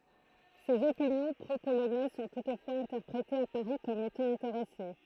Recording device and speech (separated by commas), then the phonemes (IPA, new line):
throat microphone, read sentence
sez opinjɔ̃ pʁopolonɛz sɔ̃ tutfwaz ɛ̃tɛʁpʁetez a paʁi kɔm etɑ̃ ɛ̃teʁɛse